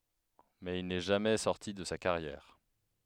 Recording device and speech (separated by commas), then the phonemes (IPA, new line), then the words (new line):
headset microphone, read sentence
mɛz il nɛ ʒamɛ sɔʁti də sa kaʁjɛʁ
Mais il n’est jamais sorti de sa carrière.